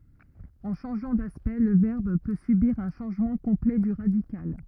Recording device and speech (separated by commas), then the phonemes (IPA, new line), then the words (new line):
rigid in-ear microphone, read sentence
ɑ̃ ʃɑ̃ʒɑ̃ daspɛkt lə vɛʁb pø sybiʁ œ̃ ʃɑ̃ʒmɑ̃ kɔ̃plɛ dy ʁadikal
En changeant d'aspect le verbe peut subir un changement complet du radical.